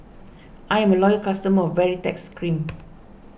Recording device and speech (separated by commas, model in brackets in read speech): boundary microphone (BM630), read sentence